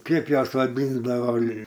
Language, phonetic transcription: Lithuanian, ˈkaip ˈjuos vaˈdyndavo

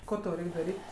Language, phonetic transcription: Lithuanian, ˈko tau ˈreik' daˈryt'

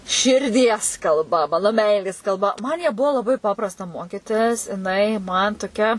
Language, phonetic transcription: Lithuanian, širˈdies kalˈba ˈmano ˈmeilės kalˈba man ją ˈbuo laˈbai ˈpaprasta ˈmokitis jiˈnai man toˈkia

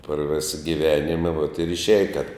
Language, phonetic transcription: Lithuanian, par ˈvisa giˈvenima vot ir išˈiaja tep

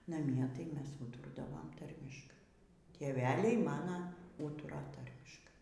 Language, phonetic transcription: Lithuanian, naˈmie tai ˈmes ˈūtordavom ˈtarmiškai tėˈveliai ˈmana ˈūtura ˈtarmiškai

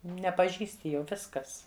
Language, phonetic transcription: Lithuanian, nepaˈžįsti ˈjau ˈviskas

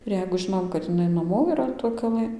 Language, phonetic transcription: Lithuanian, ir ˈjeigu ˈžinom kad iˈnai naˈmo yˈra toj kaˈlɘ

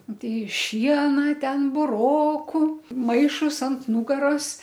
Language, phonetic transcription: Lithuanian, ˈtei ˈšiena ˈten buˈroku ˈmaišus ant ˈnūgaros

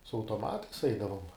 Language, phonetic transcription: Lithuanian, su autoˈmatais ˈeidavom

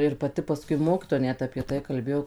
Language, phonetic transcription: Lithuanian, ir paˈti paˈskui ˈmokitoja ˈnet apie ˈtai kalˈbėjo

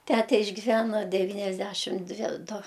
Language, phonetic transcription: Lithuanian, ˈtæte išgiˈvæna deˈvyniasˌdæšim ˈdvi ˈdu

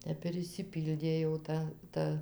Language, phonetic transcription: Lithuanian, ˈtep ir išsiˈpyldė jau ˈta ˈta

